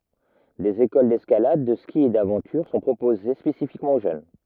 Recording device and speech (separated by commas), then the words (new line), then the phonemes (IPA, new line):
rigid in-ear microphone, read sentence
Des écoles d’escalade, de ski et d’aventure sont proposées spécifiquement aux jeunes.
dez ekol dɛskalad də ski e davɑ̃tyʁ sɔ̃ pʁopoze spesifikmɑ̃ o ʒøn